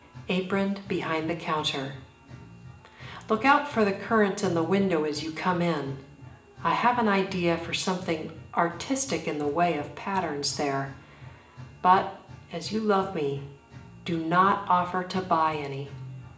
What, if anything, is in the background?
Music.